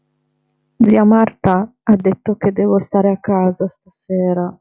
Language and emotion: Italian, sad